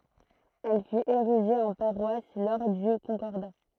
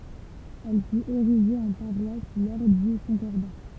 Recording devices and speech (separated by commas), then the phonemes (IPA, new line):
throat microphone, temple vibration pickup, read sentence
ɛl fyt eʁiʒe ɑ̃ paʁwas lɔʁ dy kɔ̃kɔʁda